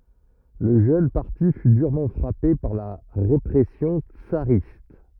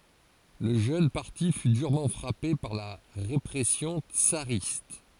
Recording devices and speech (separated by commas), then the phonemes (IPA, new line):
rigid in-ear microphone, forehead accelerometer, read sentence
lə ʒøn paʁti fy dyʁmɑ̃ fʁape paʁ la ʁepʁɛsjɔ̃ tsaʁist